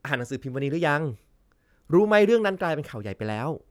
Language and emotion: Thai, happy